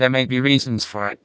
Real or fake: fake